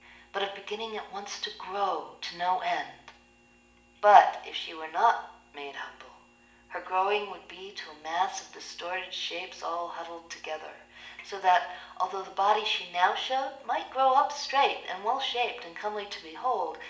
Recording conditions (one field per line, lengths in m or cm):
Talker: one person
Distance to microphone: 1.8 m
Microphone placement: close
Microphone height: 1.0 m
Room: large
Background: none